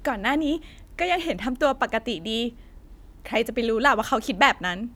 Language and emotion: Thai, happy